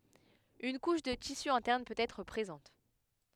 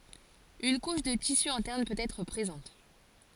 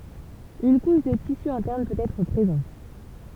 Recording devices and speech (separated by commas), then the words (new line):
headset microphone, forehead accelerometer, temple vibration pickup, read sentence
Une couche de tissu interne peut être présente.